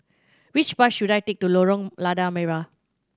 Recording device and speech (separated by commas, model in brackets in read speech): standing microphone (AKG C214), read sentence